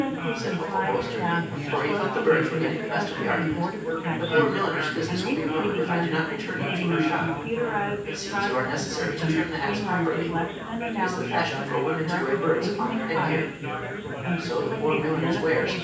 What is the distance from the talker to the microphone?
9.8 m.